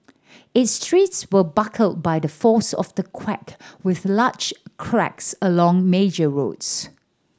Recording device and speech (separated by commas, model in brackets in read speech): standing microphone (AKG C214), read sentence